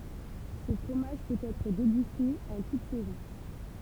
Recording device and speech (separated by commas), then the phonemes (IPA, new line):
temple vibration pickup, read sentence
sə fʁomaʒ pøt ɛtʁ deɡyste ɑ̃ tut sɛzɔ̃